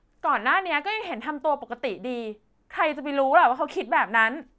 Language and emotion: Thai, frustrated